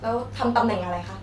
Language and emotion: Thai, neutral